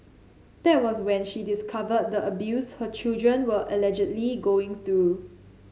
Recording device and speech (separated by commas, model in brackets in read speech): mobile phone (Samsung C7), read sentence